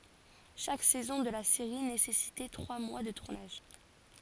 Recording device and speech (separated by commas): forehead accelerometer, read sentence